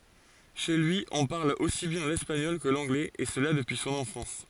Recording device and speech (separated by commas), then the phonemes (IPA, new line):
forehead accelerometer, read sentence
ʃe lyi ɔ̃ paʁl osi bjɛ̃ lɛspaɲɔl kə lɑ̃ɡlɛz e səla dəpyi sɔ̃n ɑ̃fɑ̃s